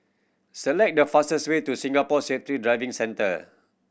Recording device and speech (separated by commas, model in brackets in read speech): boundary microphone (BM630), read sentence